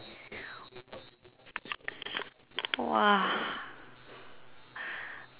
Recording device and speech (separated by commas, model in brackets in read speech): telephone, conversation in separate rooms